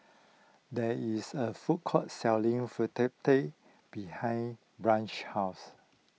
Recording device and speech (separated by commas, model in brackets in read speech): mobile phone (iPhone 6), read sentence